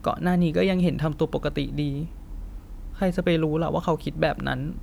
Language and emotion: Thai, sad